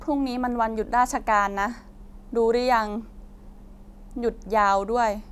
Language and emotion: Thai, sad